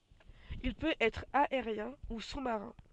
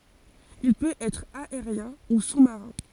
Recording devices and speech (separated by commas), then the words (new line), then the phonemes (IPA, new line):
soft in-ear microphone, forehead accelerometer, read sentence
Il peut être aérien  ou sous-marin.
il pøt ɛtʁ aeʁjɛ̃ u su maʁɛ̃